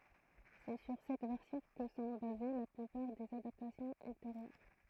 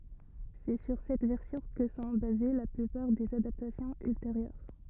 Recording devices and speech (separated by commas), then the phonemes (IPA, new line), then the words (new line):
throat microphone, rigid in-ear microphone, read sentence
sɛ syʁ sɛt vɛʁsjɔ̃ kə sɔ̃ baze la plypaʁ dez adaptasjɔ̃z ylteʁjœʁ
C'est sur cette version que sont basées la plupart des adaptations ultérieures.